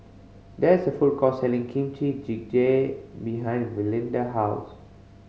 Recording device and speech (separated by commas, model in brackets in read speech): mobile phone (Samsung C5010), read sentence